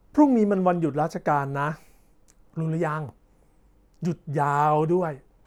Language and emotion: Thai, neutral